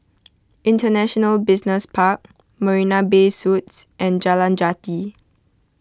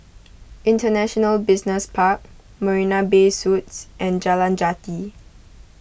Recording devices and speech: close-talking microphone (WH20), boundary microphone (BM630), read sentence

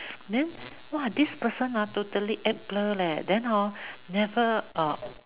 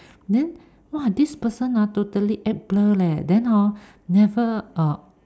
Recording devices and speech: telephone, standing microphone, conversation in separate rooms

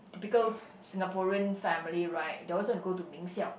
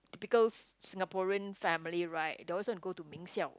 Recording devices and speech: boundary microphone, close-talking microphone, conversation in the same room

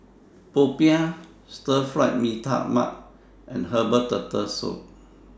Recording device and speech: standing microphone (AKG C214), read sentence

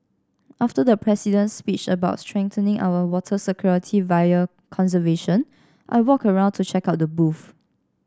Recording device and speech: standing microphone (AKG C214), read sentence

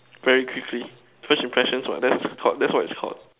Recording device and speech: telephone, conversation in separate rooms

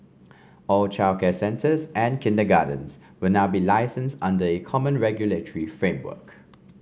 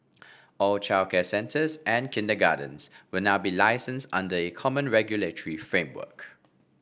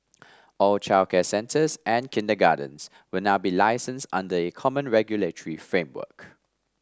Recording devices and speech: mobile phone (Samsung C5), boundary microphone (BM630), standing microphone (AKG C214), read sentence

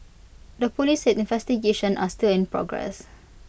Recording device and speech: boundary microphone (BM630), read sentence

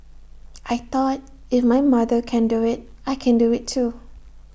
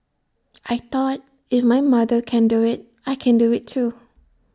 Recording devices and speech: boundary microphone (BM630), standing microphone (AKG C214), read sentence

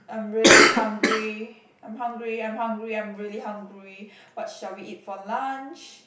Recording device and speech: boundary microphone, conversation in the same room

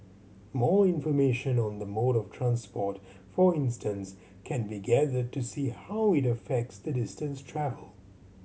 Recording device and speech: mobile phone (Samsung C7100), read sentence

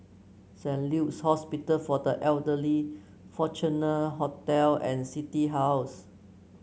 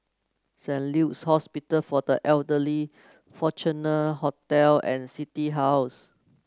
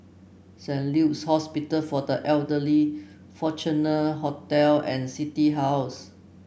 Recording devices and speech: mobile phone (Samsung C9), close-talking microphone (WH30), boundary microphone (BM630), read sentence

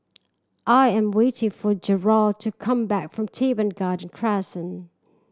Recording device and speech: standing microphone (AKG C214), read sentence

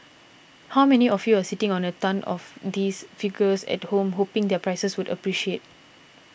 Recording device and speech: boundary microphone (BM630), read sentence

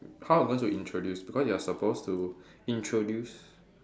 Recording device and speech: standing microphone, conversation in separate rooms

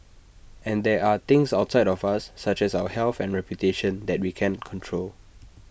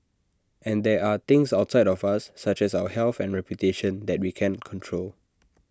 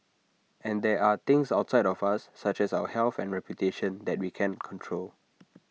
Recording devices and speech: boundary microphone (BM630), standing microphone (AKG C214), mobile phone (iPhone 6), read sentence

